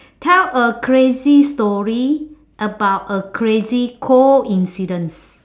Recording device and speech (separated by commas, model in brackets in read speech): standing microphone, conversation in separate rooms